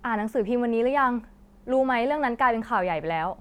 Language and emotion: Thai, frustrated